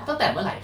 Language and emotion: Thai, neutral